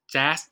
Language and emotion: Thai, happy